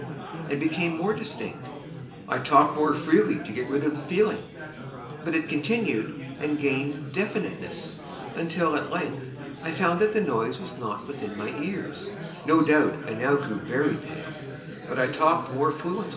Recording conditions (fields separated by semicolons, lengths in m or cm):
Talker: one person; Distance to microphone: 1.8 m; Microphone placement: close; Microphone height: 1.0 m; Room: large; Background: babble